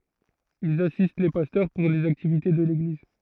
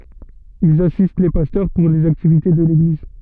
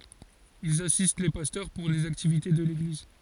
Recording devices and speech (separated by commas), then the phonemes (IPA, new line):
throat microphone, soft in-ear microphone, forehead accelerometer, read sentence
ilz asist le pastœʁ puʁ lez aktivite də leɡliz